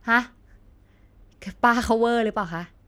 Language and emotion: Thai, frustrated